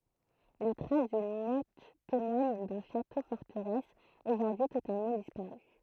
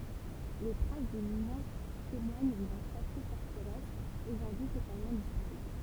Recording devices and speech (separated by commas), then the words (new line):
throat microphone, temple vibration pickup, read sentence
Les traces d'une motte témoignent d'un château-forteresse aujourd'hui totalement disparu.